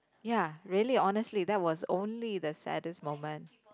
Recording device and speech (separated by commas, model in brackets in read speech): close-talking microphone, conversation in the same room